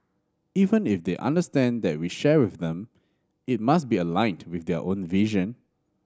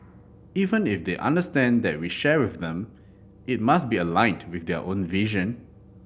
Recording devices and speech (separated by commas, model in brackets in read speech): standing microphone (AKG C214), boundary microphone (BM630), read sentence